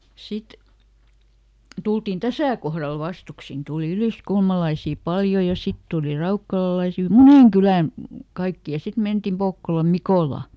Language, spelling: Finnish, sitten tultiin tässä kohdalla vastuksin tuli yliskulmalaisia paljon ja sitten tuli raukkalalaisia monen kylän kaikki ja sitten mentiin Pokkolan Mikolaan
- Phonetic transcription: ˈsit , ˈtultin "täsä̀ kohral ˈvastuksin , ˈtùli ˈyliskulmalaisì "paljo ja ˈsit tuuli ˈraukkalalaisi "muneŋ "kylän , ˈkaikki ja ˈsit ˈmentim ˈPokkolam "Mikòla .

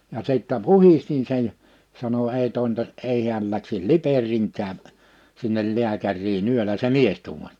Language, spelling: Finnish, ja sitten puhdistin sen ja sanoi ei tointaisi ei hän lähtisi Liperiinkään sinne lääkäriin yöllä se mies tuumasi
- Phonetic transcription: ja 'sìttä "puhistin sen (ja) , sano » 'ei tòintas '’ei hiäl läksis "Liper̀ìŋkää , sinnel 'liäkärii'n ‿yölä « se "mies tuumas .

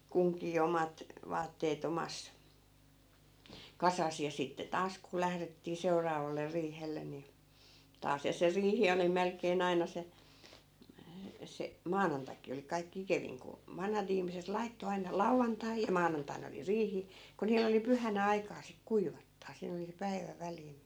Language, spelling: Finnish, kunkin omat vaatteet omassa kasassa ja sitten taas kun lähdettiin seuraavalle riihelle niin taas ja se riihi oli melkein aina se se maanantaikin oli kaikkein ikävin kun vanhat ihmiset laittoi aina lauantaina ja maanantaina oli riihi kun niillä oli pyhänä aikaa sitten kuivattaa siinä oli se päivä väliin
- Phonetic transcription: 'kuŋkii "omat , vaattee't ‿omas , 'kasas ja sitte 'taas ku 'lährettii 'seuraavaller 'riihellen̆ ni , 'taas ja se 'riihi oli 'melk̆kee'n ‿aina se , se , "maanantaki oli kaikkⁱ 'ikeviŋ ku , 'vanhat ‿ihmiset 'laitto aina "lauvvantai ja 'maanantain ‿oli "riihi , ku 'niil ‿oli 'pyhänä 'aikaa sik "kuivattaa 'siin ‿oli se 'päivä 'välii(ni) .

